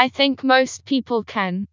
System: TTS, vocoder